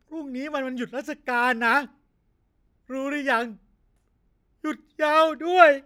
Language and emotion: Thai, sad